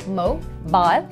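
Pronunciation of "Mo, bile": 'Mobile' is said the British way, with the stress on the eye sound in the second syllable.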